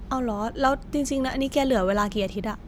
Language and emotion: Thai, frustrated